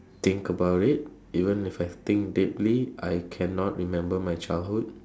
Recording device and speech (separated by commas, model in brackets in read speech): standing microphone, conversation in separate rooms